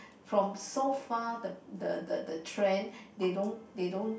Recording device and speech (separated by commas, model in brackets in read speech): boundary microphone, conversation in the same room